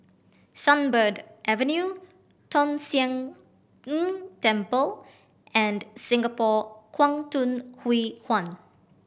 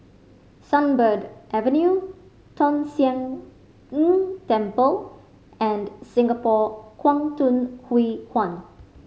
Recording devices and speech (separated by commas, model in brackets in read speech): boundary microphone (BM630), mobile phone (Samsung C5010), read sentence